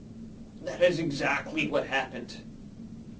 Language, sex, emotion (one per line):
English
male
angry